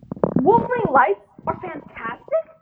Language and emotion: English, disgusted